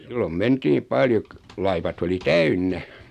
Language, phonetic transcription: Finnish, sillom 'mentii "paljo k- , 'laivat oli "täynnä .
- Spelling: silloin mentiin paljon - laivat oli täynnä

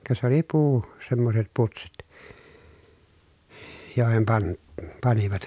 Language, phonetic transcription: Finnish, ka sᵉ ‿oli puu- , semmoset putsit , jòehem pan- , panivat .
- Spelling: ka se oli puu semmoiset putsit joihin - panivat

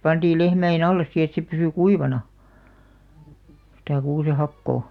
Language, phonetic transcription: Finnish, 'pantiil 'lehmä₍e"n ‿alles si et se pysy "kuivana , sⁱtä 'kuusehakkoo .
- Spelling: pantiin lehmien alle sitten että se pysyi kuivana sitä kuusenhakoa

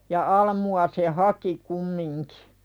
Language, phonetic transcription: Finnish, ja 'almu₍a se "haki kummiŋkɪ .
- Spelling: ja almuja se haki kumminkin

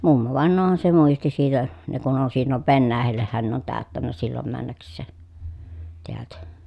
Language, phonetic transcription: Finnish, mummovàen̆noohan se muisti siitä , ne kun on sillov Vennäähällehhän ne ‿on tä̀öttännä sillom männäks̆see , teältä .
- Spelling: mummovainajahan se muisti siitä ne kun on silloin Venäjällehän ne on täyttänyt silloin mennäkseen täältä

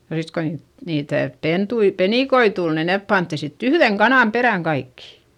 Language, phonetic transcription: Finnish, ja sit ko niit , niitä̀ pentui , penìkoi tul ni nep pantti sitt ‿yhδeŋ kanàm perä̀ŋ kaikkI .
- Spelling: ja sitten kun niitä niitä pentuja penikoita tuli niin ne pantiin sitten yhden kanan perään kaikki

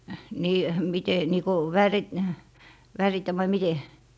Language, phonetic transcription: Finnish, 'nii , 'mite , nii ko , 'värit- , 'väritä vai "mite .
- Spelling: niin miten niin kuin - värittä vai miten

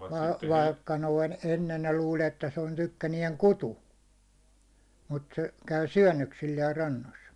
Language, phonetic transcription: Finnish, vaikka noin , 'ennen ne luul ‿että se on 'tykkäniɛŋ "kutu , mut se , 'käy 'syäₒnnöksilliɛr 'rannos .
- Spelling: vaikka noin ennen ne luuli että se on tykkänään kutu mutta se käy syönnöksillään rannoissa

